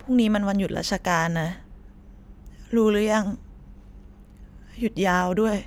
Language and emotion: Thai, sad